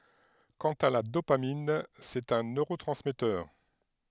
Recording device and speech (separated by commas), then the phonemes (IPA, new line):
headset microphone, read sentence
kɑ̃t a la dopamin sɛt œ̃ nøʁotʁɑ̃smɛtœʁ